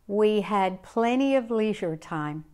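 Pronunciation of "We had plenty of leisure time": The sentence is said with an American accent, including the American pronunciation of 'leisure'.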